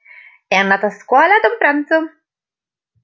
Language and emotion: Italian, happy